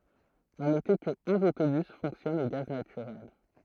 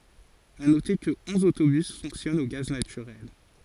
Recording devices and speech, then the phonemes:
throat microphone, forehead accelerometer, read sentence
a note kə ɔ̃z otobys fɔ̃ksjɔnt o ɡaz natyʁɛl

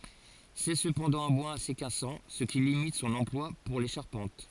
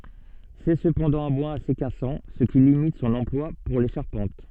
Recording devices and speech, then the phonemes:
forehead accelerometer, soft in-ear microphone, read sentence
sɛ səpɑ̃dɑ̃ œ̃ bwaz ase kasɑ̃ sə ki limit sɔ̃n ɑ̃plwa puʁ le ʃaʁpɑ̃t

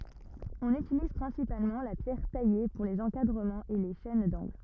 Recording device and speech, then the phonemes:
rigid in-ear microphone, read sentence
ɔ̃n ytiliz pʁɛ̃sipalmɑ̃ la pjɛʁ taje puʁ lez ɑ̃kadʁəmɑ̃z e le ʃɛn dɑ̃ɡl

